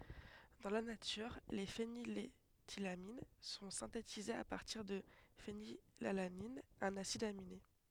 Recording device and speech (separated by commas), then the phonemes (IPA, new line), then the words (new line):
headset microphone, read sentence
dɑ̃ la natyʁ le feniletilamin sɔ̃ sɛ̃tetizez a paʁtiʁ də fenilalanin œ̃n asid amine
Dans la nature, les phényléthylamines sont synthétisées à partir de phénylalanine, un acide aminé.